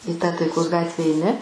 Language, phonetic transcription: Lithuanian, i tą taiˈkos ˈgatve eiˈni

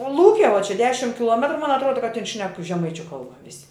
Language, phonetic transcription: Lithuanian, o ˈlūke vuo čia ˈdešim kiˈluometru man atˈruoda kad tin šnek žeˈmaičiu ˈkalba ˈvisi

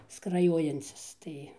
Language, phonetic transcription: Lithuanian, skraˈjojancis ˈtai

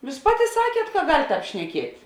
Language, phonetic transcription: Lithuanian, ˈjūs ˈpaˌti ˈsakiet ka gal' ˈtāp šneˈkiet'

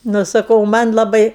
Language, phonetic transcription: Lithuanian, ˈnu saˈkau ˈman' laˈbai

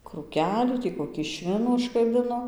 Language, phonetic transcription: Lithuanian, krūˈkelių ˈtį koˈkį ˈšvinų užkaˈbino

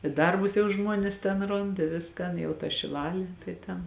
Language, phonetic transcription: Lithuanian, i ˈdarbus jau ˈžmuonės ten ˈrond i ˈviskan jau ta šiˈlalė tai ˈten

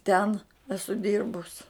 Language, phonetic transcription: Lithuanian, ˈten ˈesu ˈdirbus

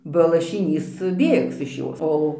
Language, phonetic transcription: Lithuanian, ba lašiˈnys ˈbėgs iš ˈjos ˈo

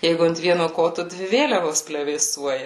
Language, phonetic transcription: Lithuanian, ˈjeigu ant ˈvieno ˈkotu ˈdvi ˈvėliavos plevėˈsuoja

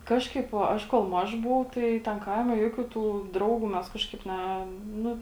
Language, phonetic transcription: Lithuanian, ˈkažkaip o ˈaš kol ˈmaž ˈbuvau ˈtai ten ˈkaime ˈjuokių tų ˈdraugų ˈmes ˈkažkaip ˈne ˈnu

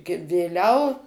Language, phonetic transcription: Lithuanian, gi vėˈliau

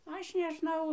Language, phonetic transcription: Lithuanian, ˈaš nežˈnau

